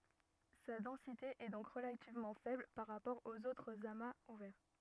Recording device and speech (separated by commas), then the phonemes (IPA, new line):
rigid in-ear microphone, read sentence
sa dɑ̃site ɛ dɔ̃k ʁəlativmɑ̃ fɛbl paʁ ʁapɔʁ oz otʁz amaz uvɛʁ